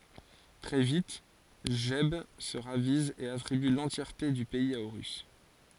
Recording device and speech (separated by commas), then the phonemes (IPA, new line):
forehead accelerometer, read sentence
tʁɛ vit ʒɛb sə ʁaviz e atʁiby lɑ̃tjɛʁte dy pɛiz a oʁys